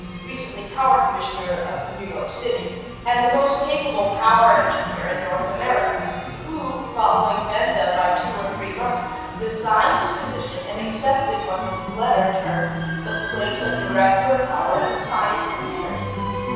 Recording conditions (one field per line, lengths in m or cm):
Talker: one person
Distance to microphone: 7.1 m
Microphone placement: far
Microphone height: 1.7 m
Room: very reverberant, large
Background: music